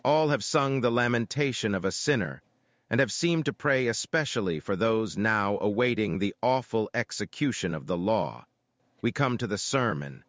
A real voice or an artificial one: artificial